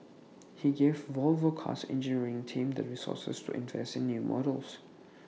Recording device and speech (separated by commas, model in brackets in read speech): mobile phone (iPhone 6), read sentence